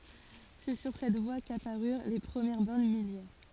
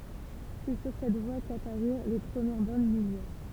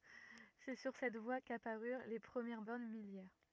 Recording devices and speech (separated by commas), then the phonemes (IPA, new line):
forehead accelerometer, temple vibration pickup, rigid in-ear microphone, read sentence
sɛ syʁ sɛt vwa kapaʁyʁ le pʁəmjɛʁ bɔʁn miljɛʁ